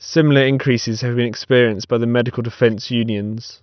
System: none